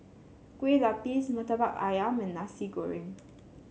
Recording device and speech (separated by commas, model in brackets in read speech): mobile phone (Samsung C7), read sentence